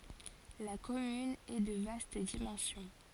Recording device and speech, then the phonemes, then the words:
forehead accelerometer, read sentence
la kɔmyn ɛ də vast dimɑ̃sjɔ̃
La commune est de vaste dimension.

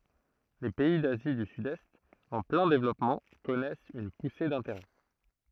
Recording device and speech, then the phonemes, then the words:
throat microphone, read sentence
le pɛi dazi dy sydɛst ɑ̃ plɛ̃ devlɔpmɑ̃ kɔnɛst yn puse dɛ̃teʁɛ
Les pays d'Asie du Sud-Est, en plein développement, connaissent une poussée d'intérêts.

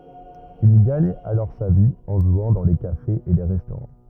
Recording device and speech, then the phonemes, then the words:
rigid in-ear microphone, read sentence
il ɡaɲ alɔʁ sa vi ɑ̃ ʒwɑ̃ dɑ̃ le kafez e le ʁɛstoʁɑ̃
Il gagne alors sa vie en jouant dans les cafés et les restaurants.

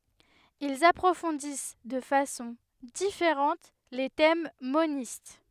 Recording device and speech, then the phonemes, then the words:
headset microphone, read sentence
ilz apʁofɔ̃dis də fasɔ̃ difeʁɑ̃t le tɛm monist
Ils approfondissent de façon différente les thèmes monistes.

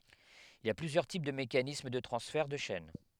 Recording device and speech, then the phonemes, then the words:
headset microphone, read sentence
il i a plyzjœʁ tip də mekanism də tʁɑ̃sfɛʁ də ʃɛn
Il y a plusieurs types de mécanisme de transfert de chaîne.

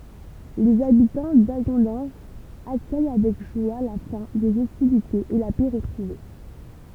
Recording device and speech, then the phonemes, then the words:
temple vibration pickup, read sentence
lez abitɑ̃ daɡɔ̃dɑ̃ʒ akœj avɛk ʒwa la fɛ̃ dez ɔstilitez e la pɛ ʁətʁuve
Les habitants d’Hagondange accueillent avec joie la fin des hostilités et la paix retrouvée.

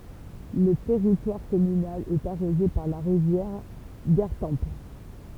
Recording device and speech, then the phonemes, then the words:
temple vibration pickup, read sentence
lə tɛʁitwaʁ kɔmynal ɛt aʁoze paʁ la ʁivjɛʁ ɡaʁtɑ̃p
Le territoire communal est arrosé par la rivière Gartempe.

